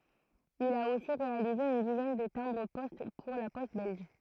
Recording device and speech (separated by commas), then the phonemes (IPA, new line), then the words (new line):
throat microphone, read sentence
il a osi ʁealize yn dizɛn də tɛ̃bʁ pɔst puʁ la pɔst bɛlʒ
Il a aussi réalisé une dizaine de timbres-poste pour La Poste belge.